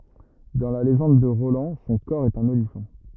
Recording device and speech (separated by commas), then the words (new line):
rigid in-ear microphone, read sentence
Dans la légende de Roland son cor est un olifant.